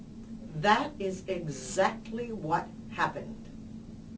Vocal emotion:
angry